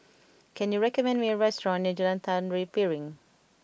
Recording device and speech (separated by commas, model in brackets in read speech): boundary microphone (BM630), read sentence